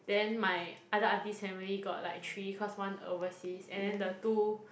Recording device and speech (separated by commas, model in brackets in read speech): boundary microphone, conversation in the same room